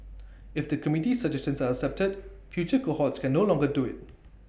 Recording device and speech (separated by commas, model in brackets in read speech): boundary microphone (BM630), read sentence